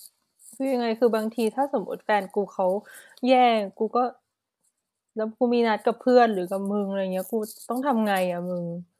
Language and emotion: Thai, sad